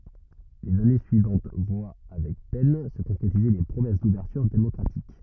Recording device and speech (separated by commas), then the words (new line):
rigid in-ear microphone, read sentence
Les années suivantes voient avec peine se concrétiser les promesses d'ouverture démocratique.